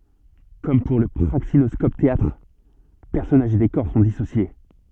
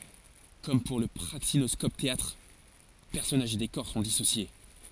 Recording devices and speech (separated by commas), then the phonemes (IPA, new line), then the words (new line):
soft in-ear microphone, forehead accelerometer, read sentence
kɔm puʁ lə pʁaksinɔskopɛteatʁ pɛʁsɔnaʒz e dekɔʁ sɔ̃ disosje
Comme pour le praxinoscope-théâtre, personnages et décors sont dissociés.